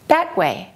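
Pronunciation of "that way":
In 'that way', the T at the end of 'that' is held before the w, not released, but it is not skipped completely.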